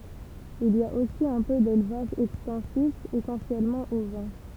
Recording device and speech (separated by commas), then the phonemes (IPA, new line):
temple vibration pickup, read sentence
il i a osi œ̃ pø delvaʒ ɛkstɑ̃sif esɑ̃sjɛlmɑ̃ ovɛ̃